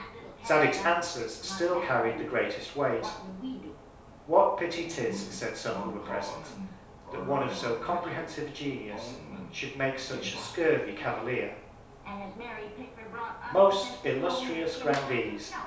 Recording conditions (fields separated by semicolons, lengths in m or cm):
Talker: one person; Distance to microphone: 3.0 m; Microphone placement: far; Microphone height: 1.8 m; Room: small (3.7 m by 2.7 m); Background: television